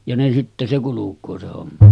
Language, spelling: Finnish, ja ne sitten se kulkee se homma
- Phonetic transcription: ja ne sitte se 'kuluk̆koo se homma .

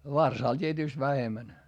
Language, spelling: Finnish, varsalle tietysti vähemmän
- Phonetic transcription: varsàl t́ietỳst vähemän .

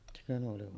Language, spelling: Finnish, sekö Nuolivaara
- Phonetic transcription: sekö Nuolivoara .

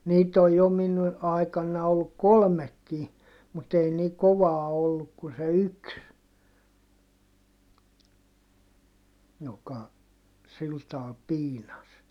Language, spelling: Finnish, niitä on jo minun aikana ollut kolmekin mutta ei niin kovaa ollut kuin se yksi joka sillä tavalla piinasi
- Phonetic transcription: niit ‿oj jo min , aikanna olluk kolmekki , mut ‿ei ni kovaa olluk kun se yks , joka sil taal piinas .

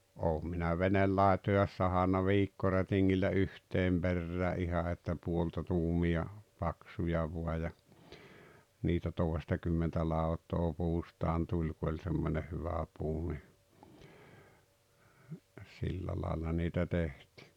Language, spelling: Finnish, olen minä veneenlaitoja sahannut viikkorätingillä yhteen perään ihan että puolta tuumia paksuja vain ja niitä toistakymmentä lautaa puustaan tuli kun oli semmoinen hyvä puu niin sillä lailla niitä tehtiin
- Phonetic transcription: 'oom minä "venellàetojaas 'sahanna "viikkorätiŋŋillä "yhteem 'Berrää '’iha että 'puolta tuumi₍a , 'paksuja vua ja , niitä 'tòestakymmentä 'lau̬t̀oo 'puustaan 'tuĺ ku oĺ 'semmońeh 'hyvä puu ni , 'sillä laalla niitä 'tehtɪ .

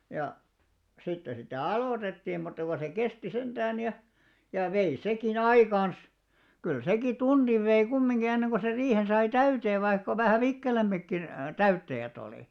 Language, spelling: Finnish, ja sitten sitä aloitettiin mutta kun se kesti sentään ja ja vei sekin aikansa kyllä sekin tunnin vei kumminkin ennen kuin sen riihen sai täyteen vaikka vähän vikkelämmätkin täyttäjät oli
- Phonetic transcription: ja , 'sitte sitä̀ "alòtettii mutta ko se 'kesti 'senᴅään ja , ja 'vei 'seki"n ‿aikans , kyl 'seki "tunniv vei 'kummiŋɢi 'enneŋɢo ser 'riihen sai "täyteev vaikka vähä̀ "vikkelämmäkkin , "täyttäjät ‿òli .

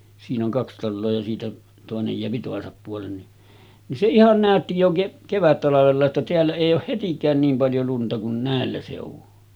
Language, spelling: Finnish, siinä on kaksi taloa ja siitä toinen jää toisen puolen niin niin se ihan näytti jo - kevättalvella että täällä ei ole hetikään niin paljon lunta kuin näillä seuduin
- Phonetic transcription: siin ‿oŋ 'kaks 'talloo ja siitä , tòenej jeäpi 'tòesap puolen ni , nin se "ihan 'nä̀ötti jo ke-ˀ , 'kevättalavella että teällä èij ‿ooh 'hetik̀ään niim paljo lunta kun 'nä̀ellä sèuvu .

